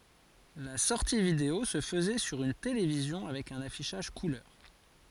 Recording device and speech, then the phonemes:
forehead accelerometer, read sentence
la sɔʁti video sə fəzɛ syʁ yn televizjɔ̃ avɛk œ̃n afiʃaʒ kulœʁ

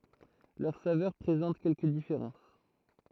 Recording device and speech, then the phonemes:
throat microphone, read sentence
lœʁ savœʁ pʁezɑ̃t kɛlkə difeʁɑ̃s

